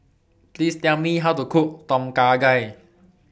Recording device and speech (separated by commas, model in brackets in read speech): boundary microphone (BM630), read sentence